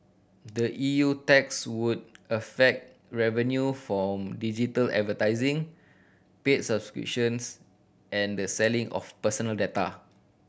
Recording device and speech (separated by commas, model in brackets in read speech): boundary microphone (BM630), read sentence